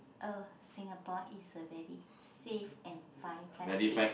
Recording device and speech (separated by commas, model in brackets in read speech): boundary microphone, conversation in the same room